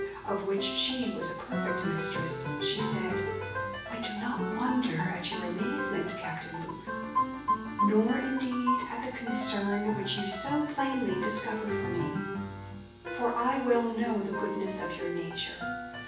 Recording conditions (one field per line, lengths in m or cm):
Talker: one person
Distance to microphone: 9.8 m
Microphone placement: far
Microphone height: 1.8 m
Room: large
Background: music